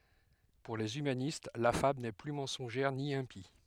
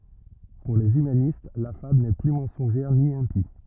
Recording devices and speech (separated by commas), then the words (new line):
headset microphone, rigid in-ear microphone, read sentence
Pour les humanistes la fable n'est plus mensongère ni impie.